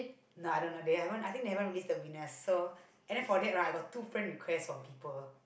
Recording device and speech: boundary microphone, conversation in the same room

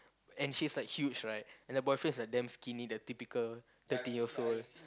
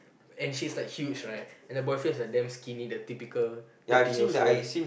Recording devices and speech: close-talking microphone, boundary microphone, conversation in the same room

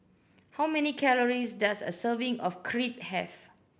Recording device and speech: boundary microphone (BM630), read sentence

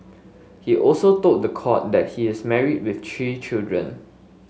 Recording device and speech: mobile phone (Samsung S8), read sentence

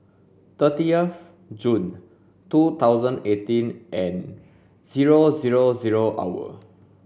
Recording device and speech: boundary microphone (BM630), read sentence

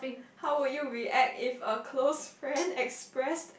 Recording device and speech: boundary microphone, conversation in the same room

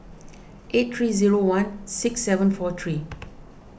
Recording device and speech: boundary microphone (BM630), read sentence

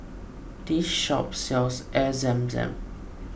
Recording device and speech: boundary microphone (BM630), read sentence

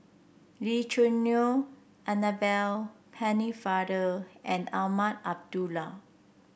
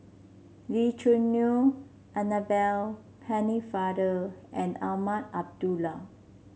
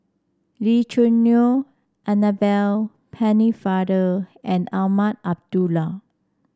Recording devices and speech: boundary microphone (BM630), mobile phone (Samsung C7), standing microphone (AKG C214), read sentence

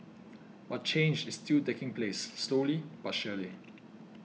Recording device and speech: mobile phone (iPhone 6), read sentence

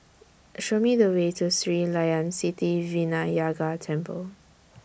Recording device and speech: boundary microphone (BM630), read sentence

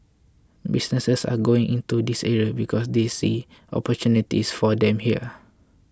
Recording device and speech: close-talking microphone (WH20), read sentence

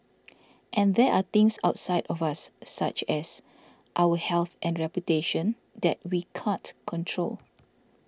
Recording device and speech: standing microphone (AKG C214), read sentence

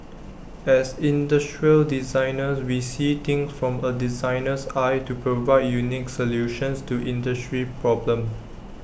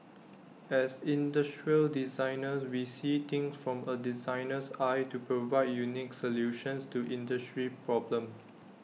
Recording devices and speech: boundary microphone (BM630), mobile phone (iPhone 6), read sentence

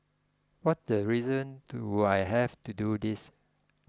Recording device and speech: close-talking microphone (WH20), read sentence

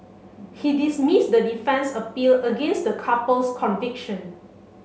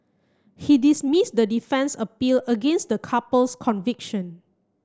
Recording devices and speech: mobile phone (Samsung C7), close-talking microphone (WH30), read sentence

